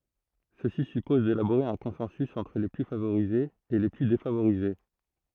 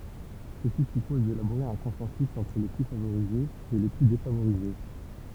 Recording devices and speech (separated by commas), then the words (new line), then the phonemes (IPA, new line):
throat microphone, temple vibration pickup, read sentence
Ceci suppose d'élaborer un consensus entre les plus favorisés et les plus défavorisés.
səsi sypɔz delaboʁe œ̃ kɔ̃sɑ̃sy ɑ̃tʁ le ply favoʁizez e le ply defavoʁize